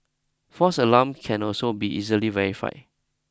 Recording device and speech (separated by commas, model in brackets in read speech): close-talking microphone (WH20), read sentence